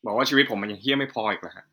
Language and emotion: Thai, frustrated